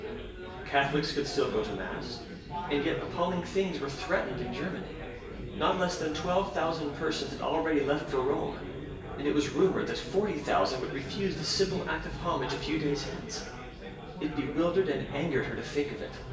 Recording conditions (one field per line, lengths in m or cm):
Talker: one person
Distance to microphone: 1.8 m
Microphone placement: close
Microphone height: 1.0 m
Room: large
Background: babble